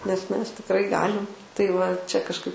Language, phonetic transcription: Lithuanian, nes ˈmes tikˈrai ˈgalim tai va ˈčia kažˈkai

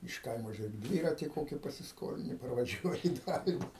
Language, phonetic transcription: Lithuanian, iš ˈkaimo žiuˈrėk ˈdvyrati ˈkoki pasisˈkolini parvaˈžiuoji i ˈdalini

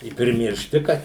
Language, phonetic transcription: Lithuanian, i primirˈšti ˈkad

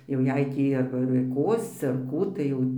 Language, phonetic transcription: Lithuanian, jau ˈjei ˈtį arba ir ˈkosci ar ˈkų tai ˈjau

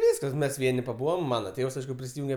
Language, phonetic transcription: Lithuanian, ˈvyskas ˈmes ˈvieni paˈbūvam ˈmana ˈtėvs ˈaišku prisiˈjunge

